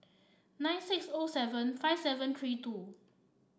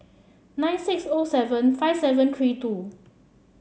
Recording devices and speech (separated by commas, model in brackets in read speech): standing microphone (AKG C214), mobile phone (Samsung C7), read sentence